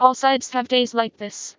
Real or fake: fake